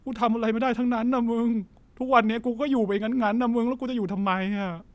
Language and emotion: Thai, sad